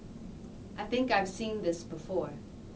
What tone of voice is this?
neutral